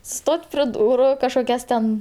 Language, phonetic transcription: Lithuanian, ˈstot' pre ˈdūru kažkoˈkias ten

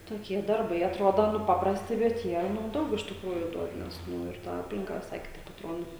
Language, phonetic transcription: Lithuanian, toˈkie darˈbai aˈtrodo nu ˈpaprasti bet ˈjie nu ˈdaug iš tikˈrųju ˈduod nes ˈnu ir ta ˈaplinka viˈsai kiˈtaip atˈrodo

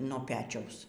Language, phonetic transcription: Lithuanian, no ˈpečiaus

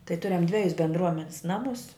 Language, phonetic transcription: Lithuanian, tai ˈturiam ˈdvejus bendˈruomenis ˈnamus

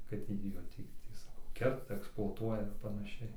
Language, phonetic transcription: Lithuanian, kad ˈtį jo ˈtį ˈtį saˈkau ˈkerta eksploaˈtuoja ir panaˈšiai

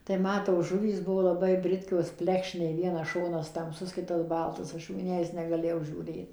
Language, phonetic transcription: Lithuanian, tai ˈma tos ˈžuvys ˈbuvo laˈbai ˈbritkios ˈplekšnei ˈvienas ˈšonas tamˈsus ˈkitas ˈbaltas ˈaš ˌju in ˈjąjas negaˈlėjau žiūˈrėt

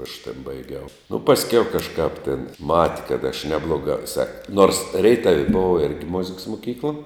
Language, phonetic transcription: Lithuanian, aš tėn baiˈgiau nu pasˈkiau kaˈžkāp tėn ˈmati kad aš ˈneblogā viˈsai nors ˈreitav' ˈbova ˈirgi ˈmoziks muˈkykla

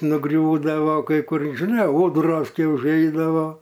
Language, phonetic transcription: Lithuanian, nuˈgriūdavo kai ˈkur žiˈnai ˈūdros ˈkai užˈeidavo

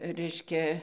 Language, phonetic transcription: Lithuanian, ˈreiškia

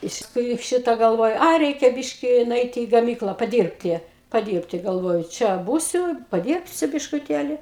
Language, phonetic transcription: Lithuanian, iš tikˈrųjų ˈšita galˈvoju ˈai ˈreikia ˈbiški nuˈeiti į gaˈmykla paˈdyrbti paˈdyrbti galˈvoju ˈčia ˈbūsiu paˈdyrbsiu biškuˈtėli

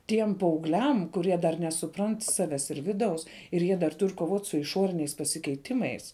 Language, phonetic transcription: Lithuanian, ˈtiem paaugˈliam kuˈrie dar nesuˈprant ˈsaves ir ˈviˌdaus ir ˈjie dar ˈtur' koˈvot' su iˈšoriniais pasikeiˈtimais

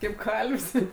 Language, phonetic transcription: Lithuanian, kaip ˈkalv's'

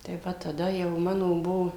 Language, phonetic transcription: Lithuanian, tai ˈva taˈda jau ˈmano ˈbuo

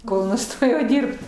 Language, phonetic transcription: Lithuanian, ˈkol nuˈstojau ˈdirbt

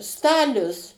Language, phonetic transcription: Lithuanian, ˈstalius

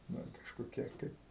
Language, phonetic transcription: Lithuanian, nu kažkoˈkie ˈkaip

